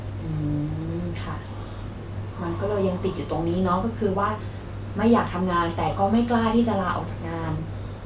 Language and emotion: Thai, neutral